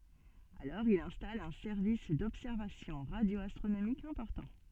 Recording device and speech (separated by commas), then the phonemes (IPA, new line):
soft in-ear microphone, read sentence
alɔʁ il ɛ̃stal œ̃ sɛʁvis dɔbsɛʁvasjɔ̃ ʁadjoastʁonomikz ɛ̃pɔʁtɑ̃